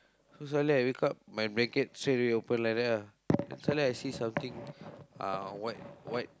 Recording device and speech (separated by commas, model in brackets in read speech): close-talking microphone, conversation in the same room